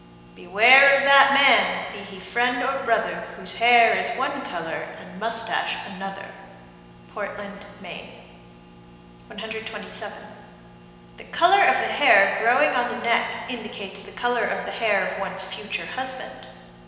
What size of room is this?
A big, very reverberant room.